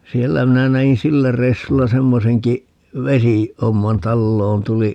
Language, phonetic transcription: Finnish, 'siellä 'minä 'nä₍in "sillä 'reissulla 'semmoseŋki , "vesi- , '-homman - 'talloon tuli ,.
- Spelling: siellä minä näin sillä reissulla semmoisenkin - vesihomman taloon tuli

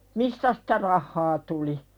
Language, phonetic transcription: Finnish, mistä sᴵtä rahhaa tuli .
- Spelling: mistä sitä rahaa tuli

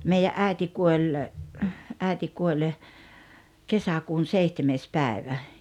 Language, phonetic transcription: Finnish, meijä’ '’ä̀i̬ti 'kuoĺ , '’ä̀iti 'kuoĺ , "kesäkuun "seihtemees 'päi̬vä .
- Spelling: meidän äiti kuoli äiti kuoli kesäkuun seitsemäs päivä

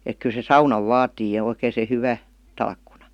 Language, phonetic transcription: Finnish, ek kyl se "saunav "vaatii ja oikèⁱ se 'hyvä , 'talkkunA .
- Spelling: että kyllä se saunan vaatii ja oikein se hyvä talkkuna

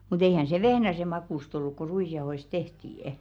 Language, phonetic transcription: Finnish, mu't ‿eihän se "vehnäse 'makùst olluk ku 'ruisjaohoist "tehtii' .
- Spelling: mutta eihän se vehnäsen makuista ollut kun ruisjauhoista tehtiin

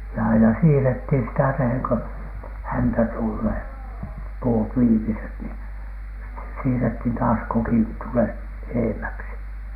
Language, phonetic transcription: Finnish, ja aina 'siirethin sitä teheŋ ko , "häntä tullee , "puut "viimiset ni , sit(te) 'siirethin taas 'kokin 'tulet "eemäksi .
- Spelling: ja aina siirrettiin sitä tehden kun häntä tulee puut viimeiset niin sitten siirrettiin taas kokin tulet edemmäksi

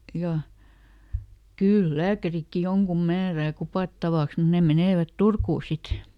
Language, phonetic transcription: Finnish, ˈja , ˈkyl "lääkärikki ˈjoŋkum ˈmäärää "kupàttavaks mun ˈne ˈmenèvät "Turkuu ˈsit .
- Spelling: ja kyllä lääkärikin jonkun määrää kupattavaksi mutta ne menevät Turkuun sitten

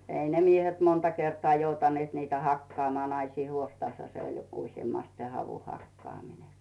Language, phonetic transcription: Finnish, ei ne 'miehet 'monta kertᵒaa joutanⁱèt niitä 'hakkᵒaamᵒaa , 'naisii 'huostasha se oĺ joku- usjemmast se 'havu'hakkaamine .
- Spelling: ei ne miehet monta kertaa joutaneet niitä hakkaamaan naisten huostassahan se oli - useimmiten se havunhakkaaminen

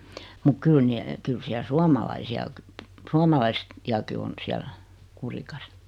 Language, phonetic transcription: Finnish, muk 'kyl ni- , 'kyl siäl 'suamalaisi₍a kə- , 'suomalais- , -i₍aki 'on siäl , 'Kurikas .
- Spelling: mutta kyllä niin kyllä siellä suomalaisia - - suomalaisiakin on siellä Kurikassa

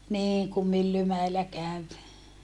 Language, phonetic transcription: Finnish, niiŋ kum Myllymäellä käv .
- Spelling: niin kun Myllymäellä kävi

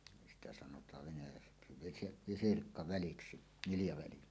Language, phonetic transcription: Finnish, sitä sanot̀aav venäjäksi visi- "visirkka'väliksi , niljaväli .
- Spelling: sitä sanotaan venäjäksi - visirkkaväliksi niljaväli

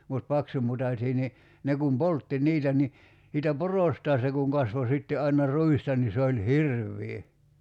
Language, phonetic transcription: Finnish, mut 'paksumutaśii ni , 'ne kum "poltti "niitä ni , siitä "porostaa se kuŋ 'kasvo sitte ’aina 'r̀uista ni se oĺ "hirvvii .
- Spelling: mutta paksumutaisia niin ne kun poltti niitä niin siitä porostaan se kun kasvoi sitten aina ruista niin se oli hirveä

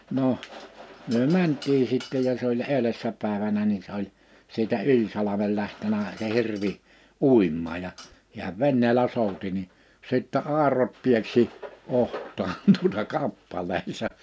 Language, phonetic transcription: Finnish, 'noh , myö "mänt̆tii sìttɛ ja se ‿oĺ 'èylessä pä̀evänä ni se ‿oĺ , siitä 'yĺ salamel lähtenä se 'hirvi , 'ùimmaa ja , hiäv 'venneelä 'sòuti ni , 'sìttɛ 'àerot 'pieksi , 'oht̆taan tuᵒta 'kappalee(n se) ,.
- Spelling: no me mentiin sitten ja se oli edellisenä päivänä niin se oli siitä yli salmen lähtenyt se hirvi uimaan ja hän veneellä souti niin sitten airot pieksi otsaan tuota kappaleen se

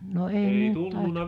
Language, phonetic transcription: Finnish, no 'ei myö ‿nt tài .
- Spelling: no ei me nyt tai

